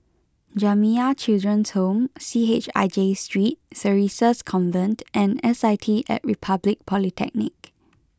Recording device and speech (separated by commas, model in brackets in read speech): close-talking microphone (WH20), read sentence